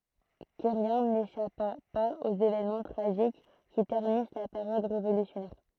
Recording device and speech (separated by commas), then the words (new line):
throat microphone, read sentence
Querrien n'échappa pas aux évènements tragiques qui ternissent la période révolutionnaire.